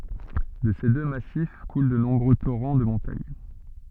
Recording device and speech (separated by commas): soft in-ear microphone, read sentence